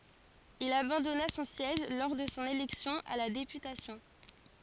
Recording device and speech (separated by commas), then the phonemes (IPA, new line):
forehead accelerometer, read sentence
il abɑ̃dɔna sɔ̃ sjɛʒ lɔʁ də sɔ̃ elɛksjɔ̃ a la depytasjɔ̃